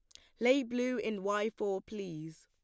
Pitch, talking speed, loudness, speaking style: 210 Hz, 185 wpm, -34 LUFS, plain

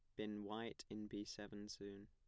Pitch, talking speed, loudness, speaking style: 105 Hz, 195 wpm, -50 LUFS, plain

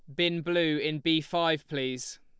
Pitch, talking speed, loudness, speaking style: 160 Hz, 180 wpm, -28 LUFS, Lombard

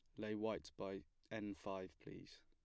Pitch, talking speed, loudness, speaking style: 100 Hz, 160 wpm, -49 LUFS, plain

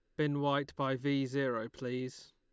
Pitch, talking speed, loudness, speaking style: 135 Hz, 170 wpm, -35 LUFS, Lombard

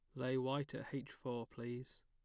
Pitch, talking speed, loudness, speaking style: 130 Hz, 195 wpm, -43 LUFS, plain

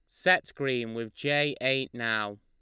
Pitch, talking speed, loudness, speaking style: 125 Hz, 165 wpm, -28 LUFS, Lombard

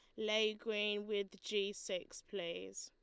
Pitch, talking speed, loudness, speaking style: 205 Hz, 135 wpm, -40 LUFS, Lombard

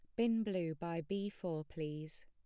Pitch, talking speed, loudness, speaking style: 170 Hz, 175 wpm, -40 LUFS, plain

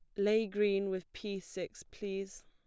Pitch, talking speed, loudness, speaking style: 200 Hz, 160 wpm, -36 LUFS, plain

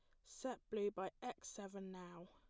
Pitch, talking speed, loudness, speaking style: 205 Hz, 175 wpm, -48 LUFS, plain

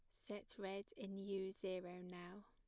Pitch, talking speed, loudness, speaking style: 195 Hz, 160 wpm, -50 LUFS, plain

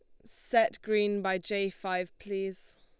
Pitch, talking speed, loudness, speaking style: 200 Hz, 140 wpm, -31 LUFS, Lombard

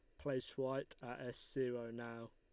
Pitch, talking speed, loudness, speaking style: 125 Hz, 170 wpm, -44 LUFS, Lombard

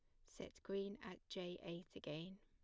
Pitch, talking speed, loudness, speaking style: 185 Hz, 170 wpm, -50 LUFS, plain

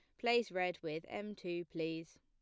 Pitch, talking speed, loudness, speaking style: 175 Hz, 180 wpm, -39 LUFS, plain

